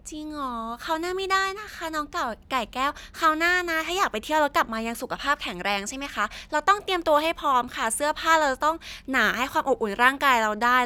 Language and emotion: Thai, happy